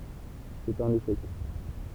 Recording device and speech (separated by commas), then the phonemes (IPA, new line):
temple vibration pickup, read sentence
sɛt œ̃n eʃɛk